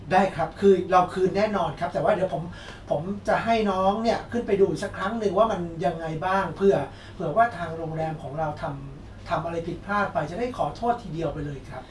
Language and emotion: Thai, neutral